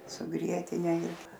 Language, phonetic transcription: Lithuanian, su ˈgrietine ir

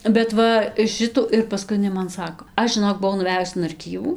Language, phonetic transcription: Lithuanian, bet ˈva ˈšitų ir paˈskui iˈnai man ˈsako ˈaš žiˈnok buˈvau nuˈvejus in arˈkyvų

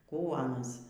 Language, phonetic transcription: Lithuanian, ˈkų aˈnas

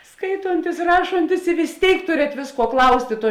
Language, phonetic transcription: Lithuanian, ˈskaitontis ˈrašontis i vis ˈtėik ˈturet ˈvėsˌkuo ˈklaustė ˈtuo

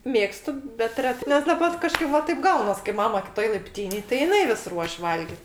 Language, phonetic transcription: Lithuanian, ˈmėgstu bet ˈretɜ nes daˈbar kaˈžkaip va ˈtaip ˈgaunas kai ˈmama kiˈtoj laipˈtynėj tai jiˈnai vis ˈruoš' ˈvalgit

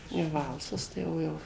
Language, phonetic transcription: Lithuanian, jau ˈvalsas tai ˈjau ˈjau

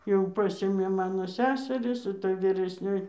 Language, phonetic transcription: Lithuanian, jau ˈpasėmė ˈmano ˈseseris iˈta vyresˈnioj

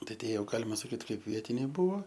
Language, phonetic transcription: Lithuanian, ˈtai ˈtie ˈjau ˈgalima saˈkyt ˈkaip ˈvietiniai ˈbuvo

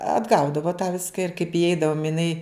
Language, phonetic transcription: Lithuanian, atˈgaudavo tą ˈviska ir kaip įˈeidavom iˈnai

